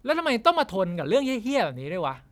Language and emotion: Thai, frustrated